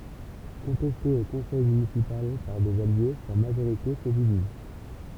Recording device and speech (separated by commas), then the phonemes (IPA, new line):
temple vibration pickup, read sentence
kɔ̃tɛste o kɔ̃sɛj mynisipal paʁ dez alje sa maʒoʁite sə diviz